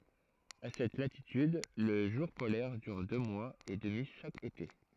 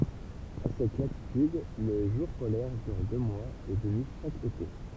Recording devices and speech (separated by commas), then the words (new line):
throat microphone, temple vibration pickup, read sentence
À cette latitude, le jour polaire dure deux mois et demi chaque été.